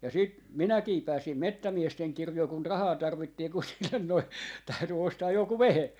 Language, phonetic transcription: Finnish, ja sit , 'minäkii 'pääsim "mettämiesteŋ 'kirjoi kun "rahaa 'tarvittii kun sillen noi täyty 'ostaaj 'joku "vehe .
- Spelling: ja sitten minäkin pääsin metsämiesten kirjoihin kun rahaa tarvittiin kun sille noin täytyi ostaa joku vehje

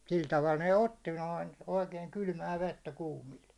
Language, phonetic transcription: Finnish, 'sil taval ne 'otti noin , oikeiŋ 'kylmä 'vettä 'kuumil .
- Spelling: sillä tavalla ne otti noin oikein kylmää vettä kuumilla

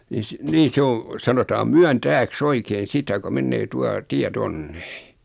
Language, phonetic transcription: Finnish, ni s- , nii 'sᵉ oo , 'sanotaam "Myän"tääk's ‿oikein̬ 'sitä ko 'mennee 'tua , 'tiä "tonne .
- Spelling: niin - niin se on sanotaan Myöntääksi oikein sitä kun menee tuo tie tuonne

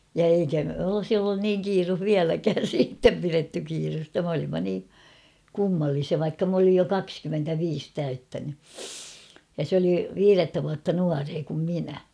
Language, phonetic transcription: Finnish, ja 'eikä olᵒsi ollun "niiŋ 'kiiruh "viäläkään̬ 'siittem piretty kiirusta 'm ‿olimma nii , 'kummallisia vaikka m ‿olij jo "kakskymmentä'viis 'täyttäny , ja 'sᵉ ‿oli , "viirettä vuatta 'nuaree kum 'minä .
- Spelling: ja eikä olisi ollut niin kiire vieläkään sitten pidetty kiirettä' me olimme niin kummallisia vaikka minä olin jo kaksikymmentäviisi täyttänyt ja se oli viidettä vuotta nuorempi kuin minä

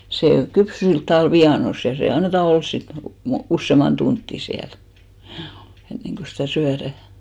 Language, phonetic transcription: Finnish, sè 'kypsy silt tavàl 'vianos , ja se anneta 'ols sit mo- , 'ussèman 'tuntti 'siäl , hjuu , 'enneŋɢo sitä̀ 'syärä̀ .
- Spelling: se kypsy sillä tavalla vienossa ja se annetaan olla sitten - useamman tuntia siellä juu ennen kuin sitä syödään

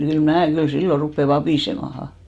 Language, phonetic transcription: Finnish, kyl mää , kyl 'silloʳ 'ruppe 'vapìsemaha .
- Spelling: kyllä minä kyllä silloin rupean vapisemaan

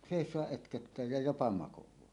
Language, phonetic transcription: Finnish, sèis̀oaˀ 'ˀötköttää ja 'jopa 'makoẁaahi .
- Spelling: seisoa ötköttää ja jopa makaakin

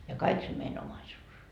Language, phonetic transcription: Finnish, ja "kaik se mein 'omaisuus .
- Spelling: ja kaikki se meidän omaisuus

